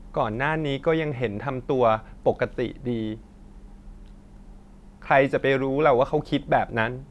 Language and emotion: Thai, sad